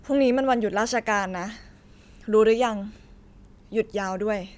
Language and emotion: Thai, neutral